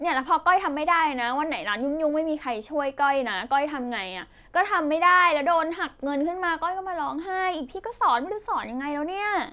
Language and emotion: Thai, frustrated